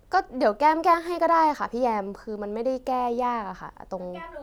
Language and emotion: Thai, frustrated